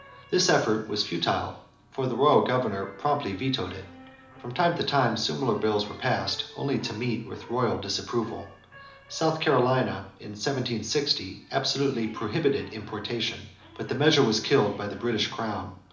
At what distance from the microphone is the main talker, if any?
2.0 m.